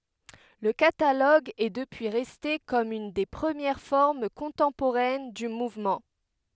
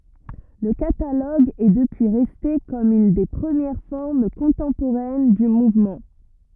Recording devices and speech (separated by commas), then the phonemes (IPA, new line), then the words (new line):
headset microphone, rigid in-ear microphone, read sentence
lə kataloɡ ɛ dəpyi ʁɛste kɔm yn de pʁəmjɛʁ fɔʁm kɔ̃tɑ̃poʁɛn dy muvmɑ̃
Le catalogue est depuis resté comme une des premières formes contemporaines du mouvement.